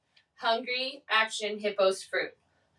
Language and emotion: English, angry